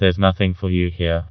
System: TTS, vocoder